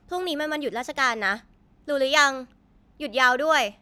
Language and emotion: Thai, neutral